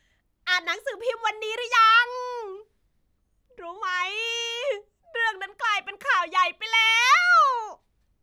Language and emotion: Thai, happy